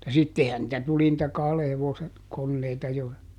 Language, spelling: Finnish, mutta sittenhän niitä tuli niitä kahden hevosen koneita jo
- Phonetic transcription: (mutta) ˈsittehän nⁱtä ˈtuli nⁱtä ˈkahle ˈhevose , ˈkonneita jo .

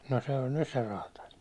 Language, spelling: Finnish, no se oli nyt se räätäli
- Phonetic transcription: no se oĺ "nys se 'raataĺ .

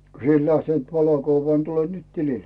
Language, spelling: Finnish, kun sinä et lähtenyt valokuvaan niin tule nyt tilille
- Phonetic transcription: » ko 'si ‿et lähtent 'valokuvvaa ni 'tule nyt 'tilil « .

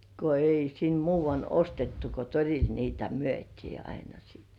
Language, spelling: Finnish, kun ei sinne muuanne ostettu kun torilla niitä myytiin aina sitten
- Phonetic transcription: ko 'ei sin "muuvann ‿'ostettu ko 'toril niitä "myöt́ii aina sɪɪt .

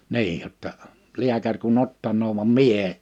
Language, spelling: Finnish, niin jotta lääkäri kun ottaa vaan minä en
- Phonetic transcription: 'niij jotta , 'liäkär kun"n ‿ottanoov vam "mie 'e .

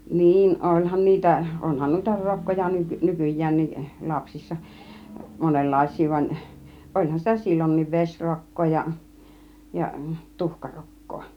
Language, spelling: Finnish, niin olihan niitä onhan noita rokkoja - nykyäänkin lapsissa monenlaisia vaan olihan sitä silloinkin vesirokkoa ja tuhkarokkoa
- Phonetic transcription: 'niin , 'oĺhan niitä , 'onhan 'nùita "rokkoja ny- , "nykuj̆jäänni , 'lapsissa , 'monellais̆sii van , 'ˀoĺhan sitä "silloń̆niiv 'veśrok̀koo , ja 'tuhkarok̀koo .

